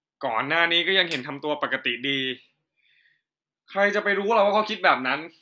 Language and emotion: Thai, frustrated